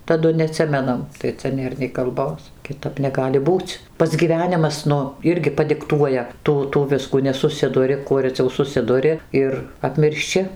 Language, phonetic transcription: Lithuanian, taˈdu neaˈtsimenam tai ˈcia ˈnėr nei kalˈbos kiˈtap neˈgali ˈbūc ˈpats gyˈvenimas ˈnu ˈirgi padikˈtuoja ˈtų tų ˈviskų nesuˈsiduri ˈkuo reˈciau suˈsiduri ˈir apmiršˈči

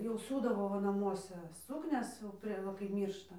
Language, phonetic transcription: Lithuanian, jau ˈsiūdavo ˈva naˈmuose ˈsuknias jau ˈprie ˈva kaip ˈmyršta

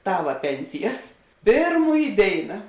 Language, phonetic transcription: Lithuanian, ˈtava ˈpensijas ˈpėrˌmųj ˈdėina

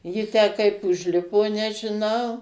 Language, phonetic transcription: Lithuanian, ˈji tę kaip užˈlipo nežiˈnau

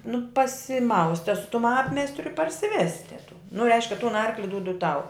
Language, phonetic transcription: Lithuanian, nu pasiˈmauste su tum ˈapmėstriu i parsiˈveste tų nu ˈreiškia tun ˈarkli ˈdūdu ˈtau

